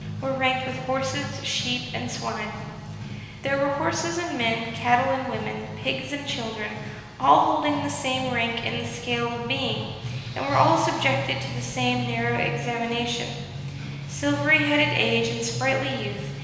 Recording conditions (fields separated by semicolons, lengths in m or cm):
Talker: one person; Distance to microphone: 1.7 m; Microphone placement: close; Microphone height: 1.0 m; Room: very reverberant, large; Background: music